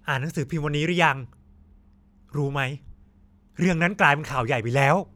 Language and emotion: Thai, frustrated